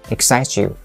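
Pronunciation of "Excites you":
'Excites you' is said fast, with 'excites' linked to 'you'.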